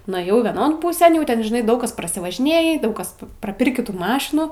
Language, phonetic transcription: Lithuanian, nuėˈjau vieˈnon ˈpūsėn jau ˈten žiˈnai ˈdaug kas prasivažiˈnėjį ˈdaug ˈkas praˈpirkį ˈtų ˈmašinų

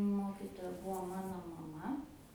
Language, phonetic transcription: Lithuanian, ˈmokitoja ˈbuo ˈmano maˈma

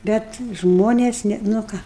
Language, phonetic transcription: Lithuanian, ˈbet ˈžmonės ˈne nu ˈką

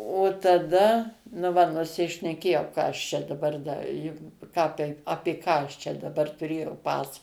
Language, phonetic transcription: Lithuanian, o taˈda nu ˈva nusišneˈkėjau ˈką aš ˈčia daˈbar ˈda juk ˈką taip ˈapė ką ˈčia daˈbar tuˈrėjau ˈpasa

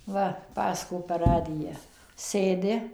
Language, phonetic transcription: Lithuanian, ˈva ˈpasako per ˈradija ˈsėdi

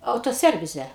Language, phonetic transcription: Lithuanian, ˌautoˈservize

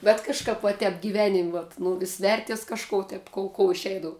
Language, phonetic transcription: Lithuanian, bet kažˈkap va ˈtep gyˈvenim' vat ˈnu vis ˈverties kažˈko tep ˈkou kou iˈšeidavu

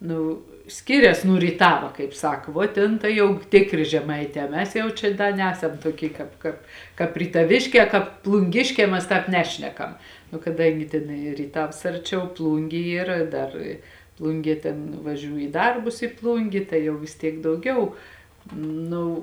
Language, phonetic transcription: Lithuanian, ˈnu ˈskirias nū ryˈtava kaip ˈsak vo ˈtėn ˈtai jau ˈtėkˌrė žeˈmaiˌtē ˈmes ˈjau čia ˈda ˈnesam ˈtuoˌky ˈkāp kāp ˈkāp rytaˈvėšˌkē ˈkāp plunˈgėškē ˈmes ˈtāp ˈnešnekam nu kaˈdangi ˈtėn i ryˈtavs ˈarˌčiau ˈplūngė ˈyr ˈdar ˈplungie ˈtėn vaˈžiū į ˈdarbus i ˈplungė ˈtai jau vis ˈtiek dauˈgiau ˈnu

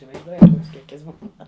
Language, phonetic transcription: Lithuanian, isivaizˈduojat ˈkoks ˈkiekis ˈbūna

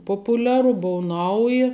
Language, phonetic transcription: Lithuanian, ˈpopuˌliaru ˈbuu ˈnauji

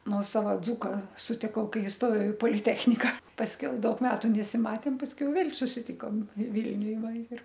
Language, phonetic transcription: Lithuanian, ˈnuosava ˈdzūka sutiˈkau ˈkai isˈtojau i poliˈtechnika pasˈkiau ˈdaug ˈmetu nesiˈmatėm pasˈkiau ˈvėl' susiˈtikom ˈvilniuj ˈva ir

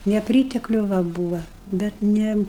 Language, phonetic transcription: Lithuanian, neˈprytekliu ˈva ˈbūva bet ˈne

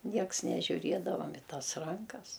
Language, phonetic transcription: Lithuanian, ˈnieks nežiuˈriedavam i ˈtas ˈrankas

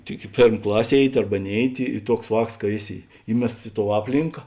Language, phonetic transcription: Lithuanian, tik i ˈpėrm ˈklas' ˈėiˌti ˈarba ˈnėiˌti i ˈtuoks ˈvāks ka ˈėˌsi ˈįmests i tou ˈaplinka

